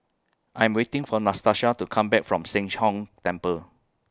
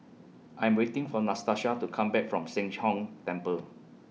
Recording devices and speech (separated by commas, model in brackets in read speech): close-talking microphone (WH20), mobile phone (iPhone 6), read sentence